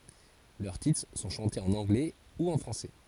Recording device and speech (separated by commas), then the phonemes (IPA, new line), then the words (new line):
forehead accelerometer, read sentence
lœʁ titʁ sɔ̃ ʃɑ̃tez ɑ̃n ɑ̃ɡlɛ u ɑ̃ fʁɑ̃sɛ
Leurs titres sont chantés en anglais ou en français.